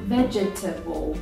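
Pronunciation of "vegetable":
'Vegetable' is pronounced incorrectly here. It is said with four syllables instead of three.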